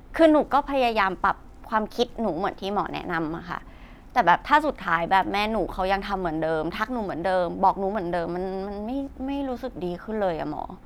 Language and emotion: Thai, frustrated